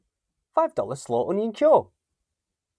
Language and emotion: English, surprised